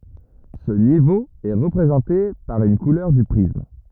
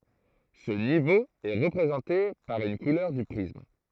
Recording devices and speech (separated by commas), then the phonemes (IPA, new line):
rigid in-ear microphone, throat microphone, read sentence
sə nivo ɛ ʁəpʁezɑ̃te paʁ yn kulœʁ dy pʁism